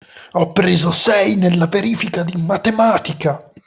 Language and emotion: Italian, angry